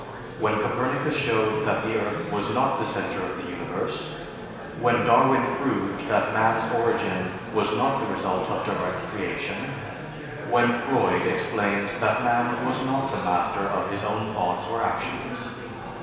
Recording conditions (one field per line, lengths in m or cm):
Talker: one person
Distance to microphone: 1.7 m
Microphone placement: close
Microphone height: 1.0 m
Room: very reverberant, large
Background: babble